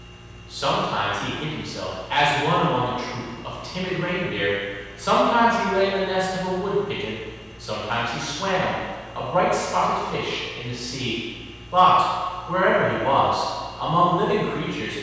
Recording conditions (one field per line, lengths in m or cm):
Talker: one person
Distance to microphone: 7.1 m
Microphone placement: far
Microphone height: 1.7 m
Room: very reverberant, large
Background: none